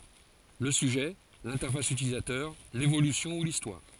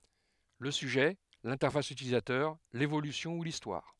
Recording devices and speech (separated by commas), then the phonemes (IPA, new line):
forehead accelerometer, headset microphone, read sentence
lə syʒɛ lɛ̃tɛʁfas ytilizatœʁ levolysjɔ̃ u listwaʁ